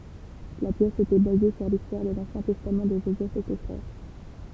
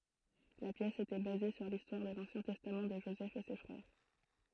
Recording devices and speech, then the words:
temple vibration pickup, throat microphone, read sentence
La pièce était basée sur l’histoire de l’ancien testament de Joseph et ses frères.

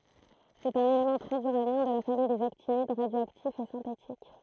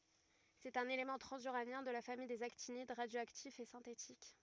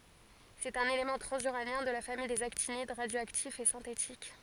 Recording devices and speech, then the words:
throat microphone, rigid in-ear microphone, forehead accelerometer, read sentence
C'est un élément transuranien de la famille des actinides, radioactif et synthétique.

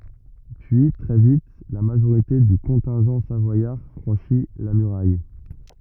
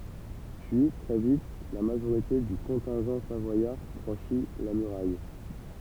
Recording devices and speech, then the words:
rigid in-ear microphone, temple vibration pickup, read sentence
Puis, très vite, la majorité du contingent savoyard franchit la muraille.

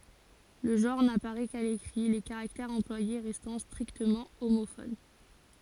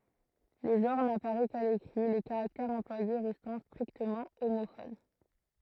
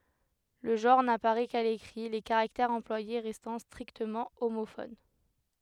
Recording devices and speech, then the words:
forehead accelerometer, throat microphone, headset microphone, read sentence
Le genre n'apparaît qu'à l'écrit, les caractères employés restant strictement homophones.

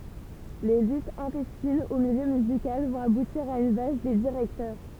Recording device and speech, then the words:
temple vibration pickup, read sentence
Les luttes intestines au milieu musical vont aboutir à une valse des directeurs.

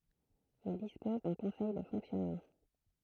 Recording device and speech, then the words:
throat microphone, read sentence
Il dispose d’un conseil de fonctionnement.

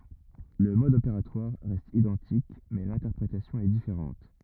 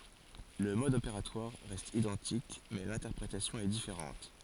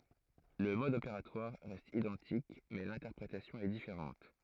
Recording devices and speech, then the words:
rigid in-ear microphone, forehead accelerometer, throat microphone, read sentence
Le mode opératoire reste identique mais l'interprétation est différente.

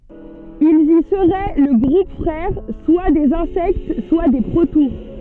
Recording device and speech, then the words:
soft in-ear microphone, read sentence
Ils y seraient le groupe frère soit des Insectes, soit des protoures.

